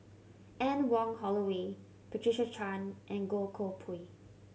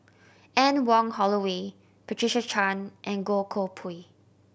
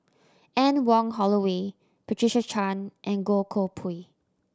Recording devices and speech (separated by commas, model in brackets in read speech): mobile phone (Samsung C7100), boundary microphone (BM630), standing microphone (AKG C214), read sentence